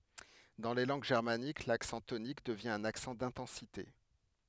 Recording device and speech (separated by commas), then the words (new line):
headset microphone, read sentence
Dans les langues germaniques, l'accent tonique devient un accent d'intensité.